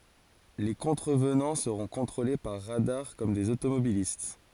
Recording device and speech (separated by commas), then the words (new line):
forehead accelerometer, read sentence
Les contrevenants seront contrôlés par radars, comme des automobilistes.